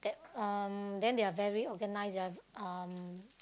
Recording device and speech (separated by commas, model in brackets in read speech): close-talking microphone, conversation in the same room